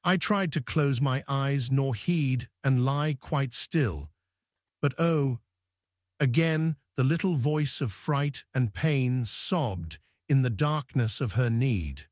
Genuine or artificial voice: artificial